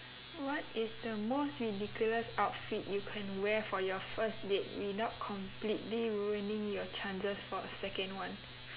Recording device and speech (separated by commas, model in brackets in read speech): telephone, conversation in separate rooms